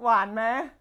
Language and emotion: Thai, happy